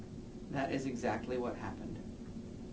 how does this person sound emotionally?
neutral